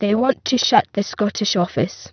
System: VC, spectral filtering